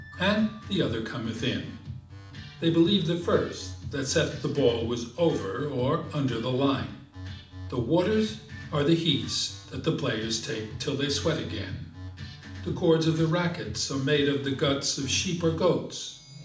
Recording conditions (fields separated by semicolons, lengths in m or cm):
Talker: one person; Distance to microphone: 2.0 m; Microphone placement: close; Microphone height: 99 cm; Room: medium-sized (5.7 m by 4.0 m); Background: music